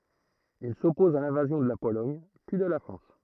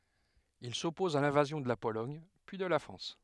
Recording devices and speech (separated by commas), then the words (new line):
throat microphone, headset microphone, read sentence
Il s'oppose à l'invasion de la Pologne puis de la France.